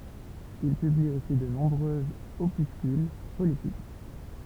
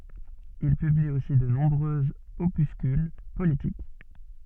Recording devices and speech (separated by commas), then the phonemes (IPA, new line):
temple vibration pickup, soft in-ear microphone, read sentence
il pybli osi də nɔ̃bʁøz opyskyl politik